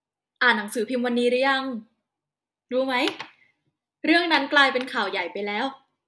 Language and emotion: Thai, happy